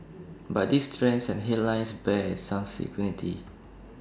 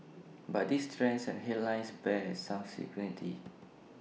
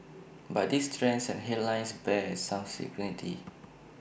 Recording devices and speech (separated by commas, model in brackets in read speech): standing microphone (AKG C214), mobile phone (iPhone 6), boundary microphone (BM630), read sentence